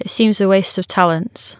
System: none